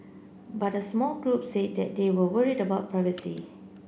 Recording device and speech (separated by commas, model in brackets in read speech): boundary microphone (BM630), read sentence